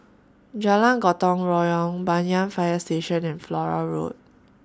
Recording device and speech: standing microphone (AKG C214), read sentence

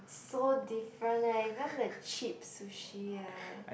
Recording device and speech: boundary microphone, conversation in the same room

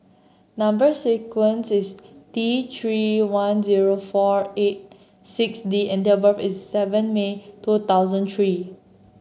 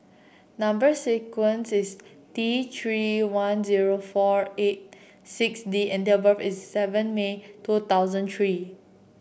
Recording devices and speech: mobile phone (Samsung C7), boundary microphone (BM630), read sentence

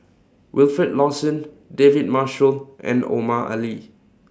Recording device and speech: standing microphone (AKG C214), read sentence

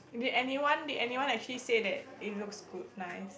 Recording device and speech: boundary microphone, conversation in the same room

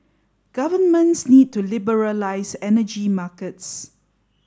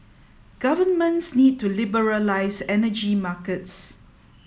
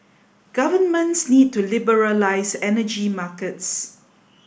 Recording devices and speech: standing microphone (AKG C214), mobile phone (iPhone 7), boundary microphone (BM630), read sentence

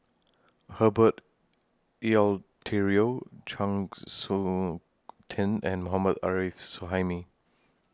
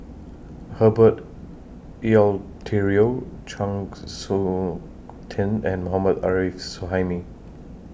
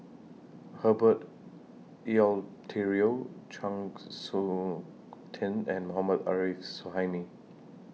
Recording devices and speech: standing microphone (AKG C214), boundary microphone (BM630), mobile phone (iPhone 6), read sentence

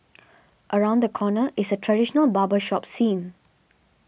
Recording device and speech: boundary microphone (BM630), read sentence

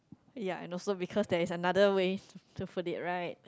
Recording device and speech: close-talking microphone, conversation in the same room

